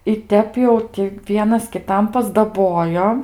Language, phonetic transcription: Lithuanian, i ˈtep jau ˈti ˈvienas kiˈtam pasdaˈbojo

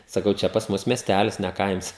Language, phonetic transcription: Lithuanian, saˈkau ˈčia pas ˈmus mieˈstælis ne ˈkaims

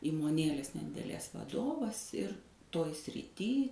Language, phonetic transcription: Lithuanian, įmoˈnėlės nedideˈlės vaˈdovas ir ˈtoj sriˈty

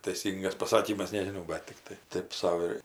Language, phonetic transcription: Lithuanian, taiˈsyngas paˈsakymas nežiˈnau ˈbat tikˈtai ˈtėp ˈsau ir

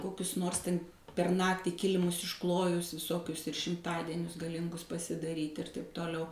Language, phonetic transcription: Lithuanian, ˈkokius ˈnors ˈten per ˈnaktį ˈkilimus išˈklojus viˈsokius ir šimˈtadienius gaˈlingus pasidaˈryt' ir taip toˈliau

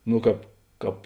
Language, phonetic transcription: Lithuanian, ˈno ˈkāp ˈkāp

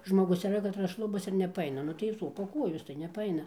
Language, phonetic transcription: Lithuanian, žmoˈgus yˈra katˈras ˈšlubas ir nepaˈaina ˈnu tai ˈsopa ˈkuojos tai nepaˈaina

